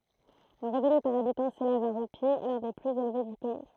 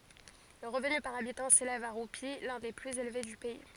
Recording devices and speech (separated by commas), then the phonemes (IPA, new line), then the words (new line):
throat microphone, forehead accelerometer, read sentence
lə ʁəvny paʁ abitɑ̃ selɛv a ʁupi lœ̃ de plyz elve dy pɛi
Le revenu par habitant s'élève à roupies, l'un des plus élevés du pays.